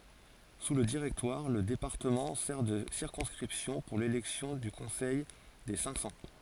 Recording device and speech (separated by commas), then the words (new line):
forehead accelerometer, read sentence
Sous le Directoire, le département sert de circonscription pour l'élection du Conseil des Cinq-Cents.